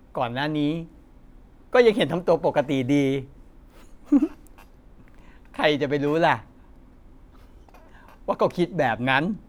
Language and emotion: Thai, happy